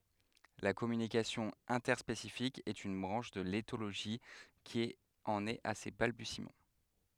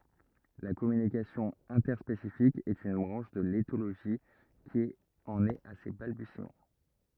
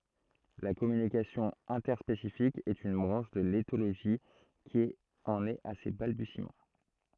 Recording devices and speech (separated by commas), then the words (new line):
headset microphone, rigid in-ear microphone, throat microphone, read sentence
La communication interspécifique est une branche de l'éthologie qui en est à ses balbutiements.